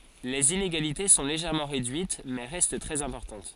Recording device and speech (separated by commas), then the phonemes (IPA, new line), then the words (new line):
forehead accelerometer, read sentence
lez ineɡalite sɔ̃ leʒɛʁmɑ̃ ʁedyit mɛ ʁɛst tʁɛz ɛ̃pɔʁtɑ̃t
Les inégalités sont légèrement réduites, mais restent très importantes.